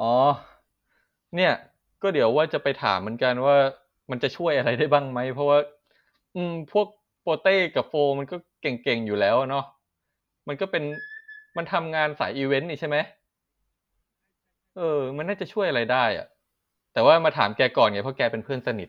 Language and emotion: Thai, neutral